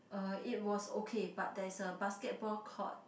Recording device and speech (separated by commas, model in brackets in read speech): boundary microphone, conversation in the same room